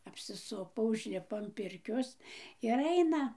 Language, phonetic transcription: Lithuanian, apsiˈsupo užˈlipo an ˈpirkios ir ˈaina

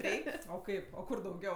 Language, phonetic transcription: Lithuanian, ˈreik' o ˈkaip o ˈkur dauˈgiau

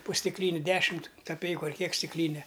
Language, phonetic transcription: Lithuanian, po stikˈlyni ˈdešimt kaˈpeiku ar ˈkiek stikˈlyne

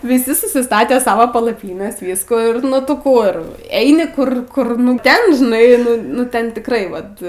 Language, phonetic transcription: Lithuanian, viˈsi susiˈstatė ˈsavo palaˈpynes ˈvyskų ir ˈnu tu ˈkur ˈeini ˈkur ˈkur nu ˈten žiˈnai nu ˈnu ˈten tikˈrai vat

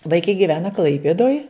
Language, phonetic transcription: Lithuanian, vaiˈkai giˈvena ˈklaipėdoj

